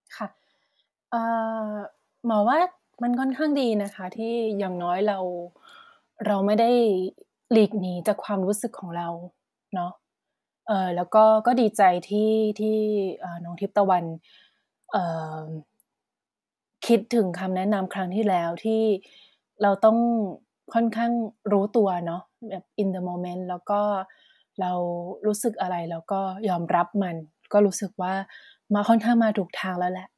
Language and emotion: Thai, neutral